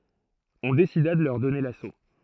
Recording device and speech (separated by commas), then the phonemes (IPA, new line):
throat microphone, read sentence
ɔ̃ desida də lœʁ dɔne laso